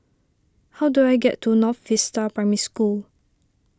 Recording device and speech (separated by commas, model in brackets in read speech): standing microphone (AKG C214), read sentence